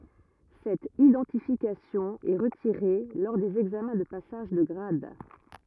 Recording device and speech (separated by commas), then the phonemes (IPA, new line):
rigid in-ear microphone, read sentence
sɛt idɑ̃tifikasjɔ̃ ɛ ʁətiʁe lɔʁ dez ɛɡzamɛ̃ də pasaʒ də ɡʁad